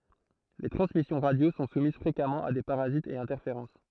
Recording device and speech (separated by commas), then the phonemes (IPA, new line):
throat microphone, read sentence
le tʁɑ̃smisjɔ̃ ʁadjo sɔ̃ sumiz fʁekamɑ̃ a de paʁazitz e ɛ̃tɛʁfeʁɑ̃s